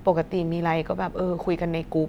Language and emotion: Thai, neutral